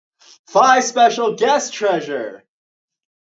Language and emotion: English, happy